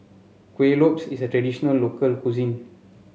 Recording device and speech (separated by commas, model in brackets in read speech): mobile phone (Samsung C7), read sentence